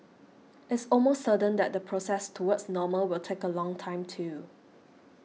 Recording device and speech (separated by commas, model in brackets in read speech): mobile phone (iPhone 6), read sentence